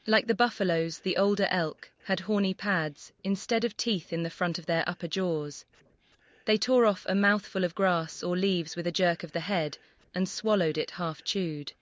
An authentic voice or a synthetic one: synthetic